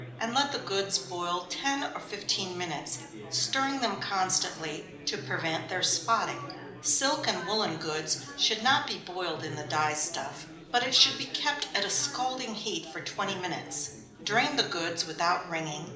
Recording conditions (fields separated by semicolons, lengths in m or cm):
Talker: one person; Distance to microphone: 2.0 m; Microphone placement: close; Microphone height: 99 cm; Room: medium-sized (5.7 m by 4.0 m); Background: babble